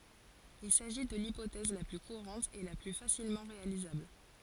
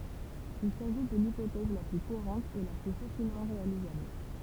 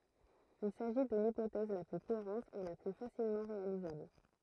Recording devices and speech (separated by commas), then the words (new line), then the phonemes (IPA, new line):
forehead accelerometer, temple vibration pickup, throat microphone, read sentence
Il s'agit de l'hypothèse la plus courante et la plus facilement réalisable.
il saʒi də lipotɛz la ply kuʁɑ̃t e la ply fasilmɑ̃ ʁealizabl